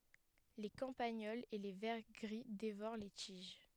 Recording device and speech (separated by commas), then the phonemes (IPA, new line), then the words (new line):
headset microphone, read sentence
le kɑ̃paɲɔlz e le vɛʁ ɡʁi devoʁ le tiʒ
Les campagnols et les vers gris dévorent les tiges.